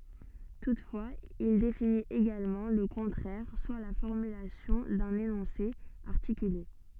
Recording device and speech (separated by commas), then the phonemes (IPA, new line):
soft in-ear microphone, read sentence
tutfwaz il definit eɡalmɑ̃ lə kɔ̃tʁɛʁ swa la fɔʁmylasjɔ̃ dœ̃n enɔ̃se aʁtikyle